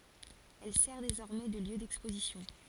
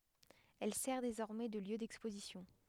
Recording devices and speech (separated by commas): forehead accelerometer, headset microphone, read sentence